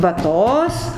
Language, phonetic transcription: Lithuanian, vaˈtos

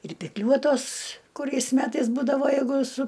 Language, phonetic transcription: Lithuanian, ir pikˈliuotos kuˈriais ˈmetais ˈbūdavo jeiˈgu su

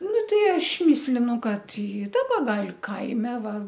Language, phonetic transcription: Lithuanian, ˈnu ˈtei ˈaš ˈmislinu ˈkad i ˈdaba ˈgal' ˈkaime ˈva

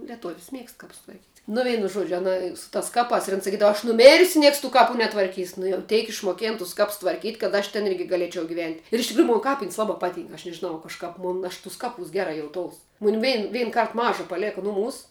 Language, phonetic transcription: Lithuanian, lieˈtuv's' ˈmiegst ˈkaps tvarˈkyt' nu ˈveinu ˈžuodžiu aˈna su tas ˈkapās ir an saˈkydava aš nuˈmėrsiu ˈnieks tų ˈkapu netvarˈkys nu jau ˈteik išmoˈkėn tus ˈkaps tvarˈkyt' kad ˈaš ten ˈirgi gaˈlėčiau giˈvent' ir iš tikˈrųju ˈmon ˈkapin's' ˈlabā ˈpaˌtynk aš nežiˈnau kažˈkap ˈmun aš ˈtus ˈkaˌpūs ˈgera jauˈtous ˈmun ˈvein ˈvein ˈkart ˈmaža paˈlėka ˈnuˌmūs

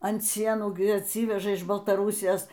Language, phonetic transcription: Lithuanian, ant ˈsienų gi atˈsyveža iš baltaˈrūsijos

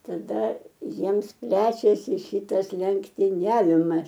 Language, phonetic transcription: Lithuanian, taˈda ˈjiems ˈplečiasi ˈšytas lenktiˈniavimas

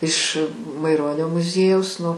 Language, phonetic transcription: Lithuanian, iš maiˈronio muˈziejaus ˈnu

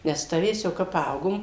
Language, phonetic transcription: Lithuanian, nes ˈtavės jau ˈkap ˈpaaugom

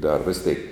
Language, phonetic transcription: Lithuanian, dar ˈvis teik

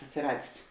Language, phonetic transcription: Lithuanian, atsiˈradės

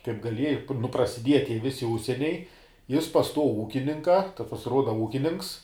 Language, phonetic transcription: Lithuanian, kaip gaˈlieji nu prasiˈdieja ˈtie ˈvisi ˈužsieniai ˈjis pas ˈtuo ˈūkininka ˈtas pasiˈruoda ˈūkinininks

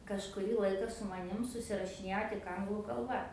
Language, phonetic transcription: Lithuanian, kažkuˈrį ˈlaika su maˈnim susirašiˈnėjo tik ˈanglų kalˈba

